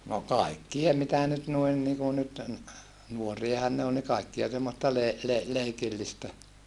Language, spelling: Finnish, no kaikkia mitä nyt noin niin kuin nyt nuoriahan ne oli niin kaikkea semmoista - - leikillistä
- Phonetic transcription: no kaikkie mitä nyt nuin niku nyt , nuoriahan ne ol ni kaikkia semmosta le- , le- , leikillistä .

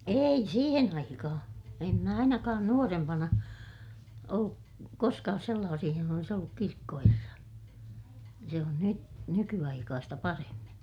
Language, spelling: Finnish, ei siihen aikaan en minä ainakaan nuorempana ollut koskaan sellaisissa jossa olisi ollut kirkkoherra se on - nykyaikaista paremmin
- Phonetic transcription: ei siihen ‿aikahaa̰ , em mä ainakaan nuorempana , olluk , koskaas sellaasih johona olis olluk kirkkoherra , se on ny- , nyky₍aikaasta paremmin̬ .

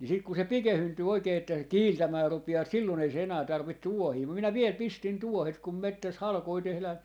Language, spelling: Finnish, niin sitten kun se pikeentyy oikein että se kiiltämään rupeaa silloin ei se enää tarvitse tuohia mutta minä vielä pistin tuohet kun metsässä halkoja tehdään
- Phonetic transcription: ni 'sik ku se "pikehyntyy 'oikee että se "kiiltämää 'rupi₍aa 'sillon ‿ei se 'enää 'tarvit "tuohii mum minä 'viel 'pistin "tuohet kum 'mettäs "halkoi 'tehlään̬ , .

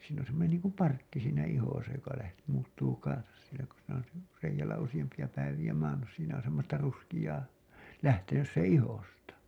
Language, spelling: Finnish, siinä on semmoinen niin kuin parkki siinä ihossa joka - muuttuu kanssa siellä kun siinä on - reiällä useampia päiviä maannut siinä on semmoista ruskeaa lähtenyt sen ihosta
- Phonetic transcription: siin ‿on̬ semmonen niiŋkum 'parkki siinä 'ihosa joka läht- , muuttuu kansas sielä ku siinä on si- , reijäl̆lä usiʲampi₍a päiviʲä maannus siinä on semmosta ruskiʲaa , 'lähtenys seḛ 'ihosta .

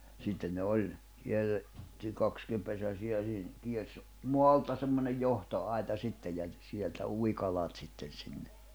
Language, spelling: Finnish, sitten ne oli - kierretty kaksipesäisiä siinä kiersi maalta semmoinen johtoaita sitten ja sieltä ui kalat sitten sinne
- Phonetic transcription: sitten ne 'oĺ , kierre- , -ty 'kakskimpesäsiʲä (śiin) , kiers , "moalta semmonej 'johto₍ai̬ta 'sittej ja , 'sieltä 'ui 'kalat sitten̬ sinne .

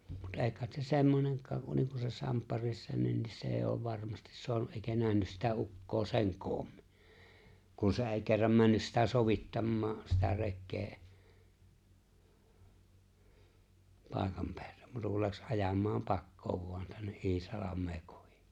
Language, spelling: Finnish, mutta ei kai se semmoinenkaan kuin niin se Samppa Rissanenkin se ei ole varmasti saanut eikä nähnyt sitä ukkoa sen koommin kun se ei kerran mennyt sitä sovittamaan sitä rekeä paikan päälle muuta kuin lähti ajamaan pakoon vain tänne Iisalmea kohti
- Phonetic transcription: mut '’e̬e̬ⁱ kàet se 'semmoneŋk̀aŋ kun niiŋ se 'Samppa Rissanennis 's ‿e̬e̬ ‿ov 'varmastis 'soanu’ ’èikä 'nähnys sitä 'uk̀koo 'se̬ŋ "koommɪ , ku 'se̬ ‿è̬i̬ kerram 'männys sitä 'sovittammaa , sitä 'rekkee , 'pài̬kam peällᴇᴍ 'muuta kul 'läks '’ajam̆maaᵐ "pakkoov vo̭an tänne’ '’Iisalam̆mee 'kohɪ .

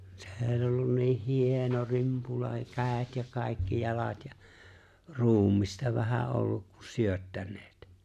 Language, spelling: Finnish, se oli ollut niin hieno rimpula kädet ja kaikki jalat ja ruumista vähän ollut kun syöttäneet
- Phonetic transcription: 'see ‿oĺ ollun 'niih 'hìeno 'rìmpula kä̀et ja kài̬kki 'jalat ja , "ruum̆mista vähä 'olluk ku 'syöttän̆nᴇᴇt .

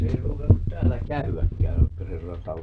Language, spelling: Finnish, se ei ruukannut täällä käydäkään
- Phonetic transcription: 'se ei 'ruukannut "täällä 'käy₍äkkää , .

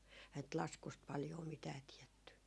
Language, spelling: Finnish, eihän nyt laskusta paljoa mitään tiedetty
- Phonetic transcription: ehä ‿nt "laskust 'paljoo 'mitää 'tiɛtty .

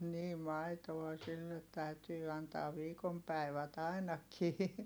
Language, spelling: Finnish, niin maitoa sille täytyy antaa viikon päivät ainakin
- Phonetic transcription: nii maitoa sillet täytyy antaav̆ viikom päi̮vät ‿ainakii .

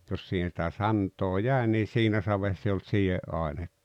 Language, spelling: Finnish, jos siihen sitä santaa jäi niin siinä savessa ei ollut sideainetta -
- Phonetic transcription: 'jos siihen̬ sⁱtä "sant̀oo "jä̀e nii "siinä 'savess ‿eⁱ olt "siʲe’ ’áene(ttᴀ) .

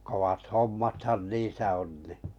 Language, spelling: Finnish, kovat hommathan niissä on niin
- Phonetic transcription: 'kowat "hommathan "niisä on ni .

